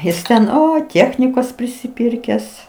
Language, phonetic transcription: Lithuanian, ˈjis ten ˈoi ˈtiechnikos prisiˈpirkęs

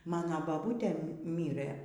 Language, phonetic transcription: Lithuanian, ˈmano baˈbūtė ˈmyrɘ

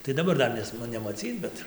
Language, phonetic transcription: Lithuanian, tai daˈbar ˈdar nes nu nemaˈcyc ˈbet

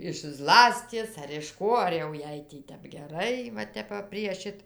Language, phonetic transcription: Lithuanian, iš ˈzlasties ar iš ˈko ar jau ˈjai ˈtep geˈrai va ˈtep va prie ˈšit

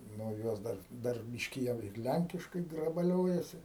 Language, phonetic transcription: Lithuanian, ˈnu ˈjos ˈdar ˈdar ˈbiški jau ir ˈlænkiškai grabaˈliojasi

